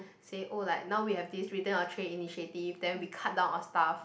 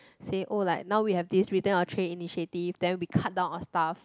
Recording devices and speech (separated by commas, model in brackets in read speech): boundary microphone, close-talking microphone, conversation in the same room